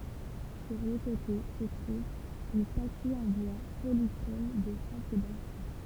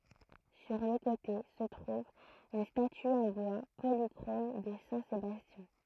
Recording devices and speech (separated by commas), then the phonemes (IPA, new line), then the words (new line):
temple vibration pickup, throat microphone, read sentence
syʁ lə kote sə tʁuv yn staty ɑ̃ bwa polikʁom də sɛ̃ sebastjɛ̃
Sur le côté se trouve une statue en bois polychrome de saint Sébastien.